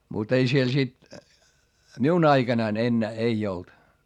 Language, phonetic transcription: Finnish, mut ‿ei siel sit , miun ‿aiGanain ‿ennää ei olt .
- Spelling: mutta ei siellä sitten minun aikanani enää ei ollut

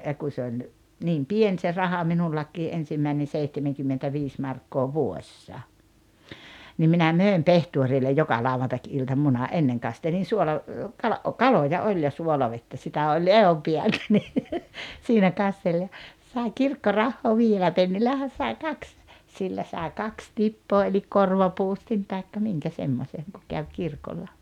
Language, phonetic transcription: Finnish, ja kun̬ se oĺ , 'niim "pien se 'raha 'minullakkii '’ensimmäinen̬ 'seihtemeŋkymmtentä'viis markkoo "vuoᵉssa , nim minä "mö̀em 'pehtuorillej 'joka 'lauvantak₍ilta 'muna '’enneŋ kastelin̬ "suola- , kala- , ’o- "kaloja "oĺ ja 'suolavettä 'sitä oĺ "ehompiältä ni , 'siinä 'kastel ja , 'sàiŋ "kirkkorahhoo 'vii₍ellä 'pennillähän̬ sai̬ "kaks , 'sillä sài̬ 'kaks "tippoo elik "korvapuustin taikka 'miŋkä 'semmośeŋ ku käw 'kirkolla .
- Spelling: ja kun se oli niin pieni se raha minullakin ensimmäinen seitsemänkymmentäviisi markkaa vuodessa niin minä myin pehtorille joka lauantai-ilta munan ennen kastelin - suolakala - kaloja oli ja suolavettä sitä oli ehdonpäältä niin siinä kasteli ja sain kirkkorahaa viidellä pennillähän sai kaksi sillä sai kaksi tippaa eli korvapuustin tai minkä semmoisen kun kävi kirkolla

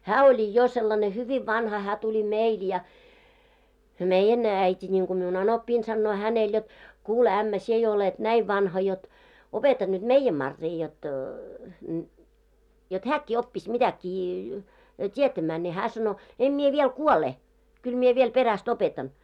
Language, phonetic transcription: Finnish, hää oĺi 'jo sellane 'hyviv 'vanha hää 'tuĺi "meil ja , "meijjän , 'äit́i ńiŋku miun 'anoppiin sannoo 'hänel jot , » 'kuule ämmä 'sie jo olet 'näiv vanha jot , 'opeta nyt "meijjäm 'Marrii jot , jot 'hääkkii oppis mitäk̆kii , 't́ietämää « ne 'hää sano , » 'em mie viel "kuole , kyl mie viel 'peräst "opetan « .
- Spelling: hän oli jo sellainen hyvin vanha hän tuli meille ja meidän äiti niin kuin minun anoppini sanoo hänelle jotta kuule ämmä sinä jo olet näin vanha jotta opeta nyt meidän Maria jotta jotta hänkin oppisi mitäkin tietämään ne hän sanoi en minä vielä kuole kyllä minä vielä perästä opetan

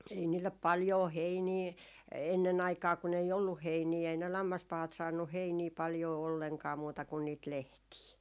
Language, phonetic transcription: Finnish, 'ei niillep 'paljoo "heinii , enne'n ‿aikaa kun ‿ei "olluh 'heinii , ei ne 'lammaspahat saannuh "heinii 'paljoo olleŋkaa muuta kun niit "lehtii .
- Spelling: ei niille paljoa heiniä ennen aikaan kun ei ollut heiniä ei ne lammaspahat saanut heiniä paljoa ollenkaan muuta kuin niitä lehtiä

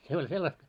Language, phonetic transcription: Finnish, 'se oĺ sellast .
- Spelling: se oli sellaista

